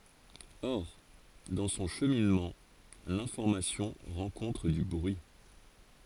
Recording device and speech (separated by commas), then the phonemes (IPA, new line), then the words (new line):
forehead accelerometer, read sentence
ɔʁ dɑ̃ sɔ̃ ʃəminmɑ̃ lɛ̃fɔʁmasjɔ̃ ʁɑ̃kɔ̃tʁ dy bʁyi
Or, dans son cheminement, l'information rencontre du bruit.